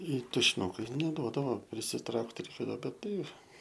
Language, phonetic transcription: Lithuanian, i tušiˈnukai neˈduodavo prisiˈtraukt reiˈkėdavo bet ˈtai

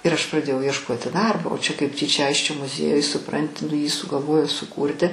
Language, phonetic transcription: Lithuanian, ir aš praˈdėjau iešˈkoti ˈdarbo o čia kaip ˈtyčia ˈaisčio muˈziejuj suˈpranti nu jį sugalˈvojo suˈkūrti

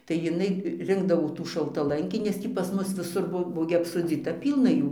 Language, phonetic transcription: Lithuanian, tai jiˈnai ˈrinkdavo tų šaltaˈlankį nes ˈtį pas ˈmus viˈsur ˈbuo ˈbuo gi apsoˈdzyta ˈpylna ˈjų

